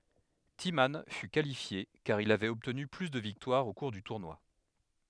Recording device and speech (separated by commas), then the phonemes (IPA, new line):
headset microphone, read sentence
timmɑ̃ fy kalifje kaʁ il avɛt ɔbtny ply də viktwaʁz o kuʁ dy tuʁnwa